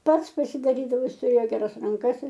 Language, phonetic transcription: Lithuanian, ˈpats pasidaˈrydavo ˈjis tuˈrėjo geˈras ranˈkas ir

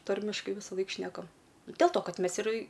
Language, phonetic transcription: Lithuanian, ˈtarmiškai visaˈlaik ˈšnekam del to ˈkad ˈmes ir

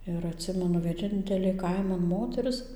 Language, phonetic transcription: Lithuanian, ir atˈsimenu vieˈnintelė ˈkaiman ˈmoteris

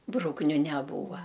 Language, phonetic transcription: Lithuanian, ˈbrukniu neˈbūva

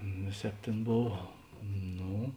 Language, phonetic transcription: Lithuanian, ˈvėˌsēp ˈtėn ˈbov ˈno

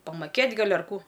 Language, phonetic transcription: Lithuanian, pamaˈkėt' ˈgal' ar ˈkų

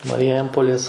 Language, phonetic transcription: Lithuanian, mariˈjempolės

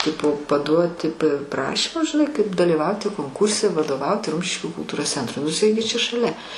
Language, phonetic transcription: Lithuanian, ˈtipo paˈduoti p praˈšymus žiˈnai kaip daliˈvauti konˈkūrse vadoˈvauti ˈrumšiškių kulˈtūros ˈcentrui nu iˈsai gi čia šaˈlia

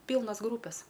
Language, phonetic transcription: Lithuanian, ˈpylnas ˈgrūpes

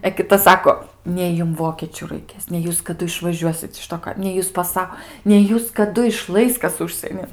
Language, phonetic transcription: Lithuanian, e kiˈta ˈsako ˈnei jum ˈvokėčiu raiˈkės nei ˈjūs kaˈdu išvaˈžiuosit iš ˈto kai nei ˈjūs paˈsa nei ˈjūs kaˈdu iˈšlais ˈkas ˈužsienin

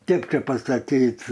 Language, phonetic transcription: Lithuanian, ˈkėp čė pasaˈkyt'

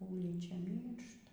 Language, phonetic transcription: Lithuanian, ˈūlyčia ˈmyršta

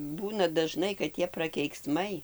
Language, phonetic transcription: Lithuanian, ˈbūna daˈžnai kad ˈtie prakeikˈsmai

